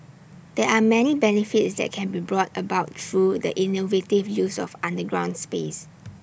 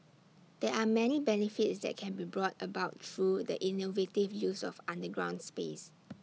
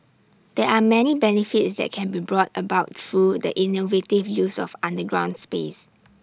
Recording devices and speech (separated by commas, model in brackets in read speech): boundary microphone (BM630), mobile phone (iPhone 6), standing microphone (AKG C214), read sentence